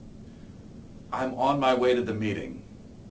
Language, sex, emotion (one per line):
English
male
neutral